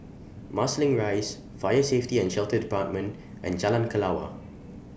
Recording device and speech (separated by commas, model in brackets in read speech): boundary microphone (BM630), read sentence